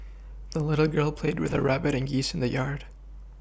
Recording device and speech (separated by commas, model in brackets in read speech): boundary microphone (BM630), read sentence